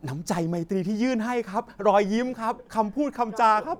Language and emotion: Thai, happy